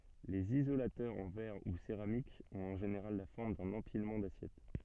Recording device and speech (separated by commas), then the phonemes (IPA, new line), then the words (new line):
soft in-ear microphone, read sentence
lez izolatœʁz ɑ̃ vɛʁ u seʁamik ɔ̃t ɑ̃ ʒeneʁal la fɔʁm dœ̃n ɑ̃pilmɑ̃ dasjɛt
Les isolateurs en verre ou céramique ont en général la forme d'un empilement d'assiettes.